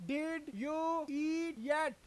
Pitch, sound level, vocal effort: 310 Hz, 99 dB SPL, very loud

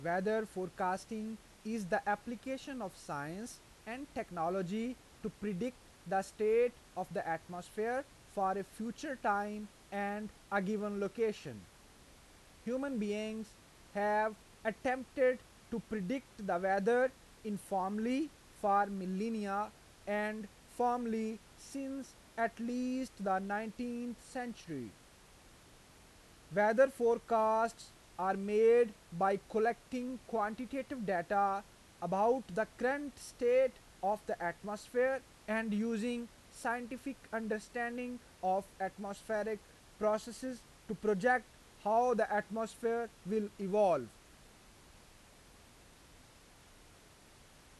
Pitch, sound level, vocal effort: 220 Hz, 92 dB SPL, loud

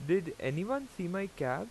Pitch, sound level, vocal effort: 180 Hz, 87 dB SPL, loud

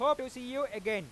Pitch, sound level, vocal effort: 255 Hz, 104 dB SPL, very loud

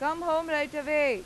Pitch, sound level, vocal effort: 300 Hz, 97 dB SPL, very loud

